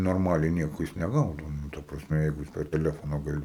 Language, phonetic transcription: Lithuanian, norˈmaliai ˈnieko ˈjis neˈgaudo ˈnu ˈta prasˈme ˈjeigu ˈjis per teˈlefona gaˈli

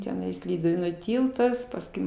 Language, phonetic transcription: Lithuanian, teˈnais ˈlyduvėnų ˈtyltas pasˈkui

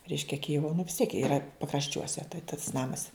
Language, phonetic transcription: Lithuanian, ˈreiškia ˈkijivo nu vis tiek ˈyra pakrašˈčiuose tai tas ˈnamas

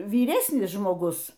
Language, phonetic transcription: Lithuanian, vyˈresnis žmoˈgus

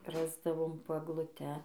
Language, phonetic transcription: Lithuanian, ˈrasdavom po egluˈte

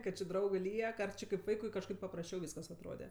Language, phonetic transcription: Lithuanian, ˈkad či ˈdraugɜ ˈliek ar ˈči kaip ˈvaikui kažˈkaip paprasˈčiau ˈvyskas atˈrode

